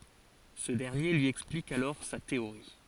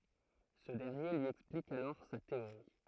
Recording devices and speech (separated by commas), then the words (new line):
forehead accelerometer, throat microphone, read sentence
Ce dernier lui explique alors sa théorie.